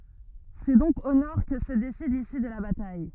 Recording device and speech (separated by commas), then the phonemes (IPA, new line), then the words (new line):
rigid in-ear microphone, read sentence
sɛ dɔ̃k o nɔʁ kə sə desid lisy də la bataj
C'est donc au nord que se décide l'issue de la bataille.